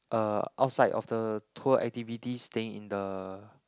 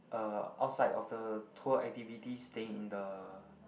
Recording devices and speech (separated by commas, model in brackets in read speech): close-talking microphone, boundary microphone, conversation in the same room